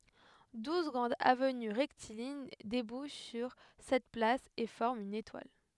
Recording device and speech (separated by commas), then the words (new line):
headset microphone, read sentence
Douze grandes avenues rectilignes débouchent sur cette place et forment une étoile.